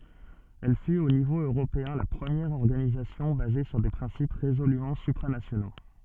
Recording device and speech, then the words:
soft in-ear microphone, read sentence
Elle fut au niveau européen la première organisation basée sur des principes résolument supranationaux.

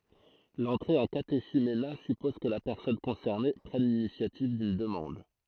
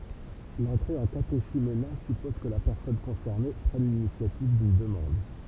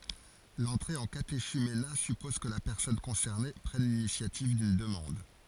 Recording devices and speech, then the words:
throat microphone, temple vibration pickup, forehead accelerometer, read sentence
L'entrée en catéchuménat suppose que la personne concernée prenne l'initiative d'une demande.

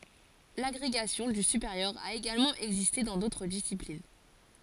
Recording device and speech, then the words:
forehead accelerometer, read sentence
L'agrégation du supérieur a également existé dans d'autres disciplines.

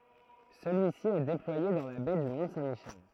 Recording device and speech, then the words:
throat microphone, read sentence
Celui-ci est déployé dans la baie du Mont Saint Michel.

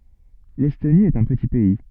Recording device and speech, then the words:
soft in-ear microphone, read sentence
L'Estonie est un petit pays.

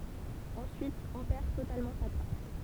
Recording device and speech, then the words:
temple vibration pickup, read sentence
Ensuite, on perd totalement sa trace.

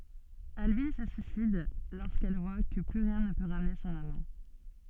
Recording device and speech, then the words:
soft in-ear microphone, read sentence
Albine se suicide lorsqu’elle voit que plus rien ne peut ramener son amant.

